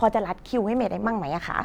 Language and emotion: Thai, neutral